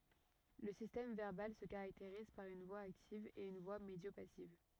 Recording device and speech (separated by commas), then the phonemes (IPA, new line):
rigid in-ear microphone, read sentence
lə sistɛm vɛʁbal sə kaʁakteʁiz paʁ yn vwa aktiv e yn vwa medjopasiv